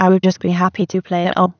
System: TTS, waveform concatenation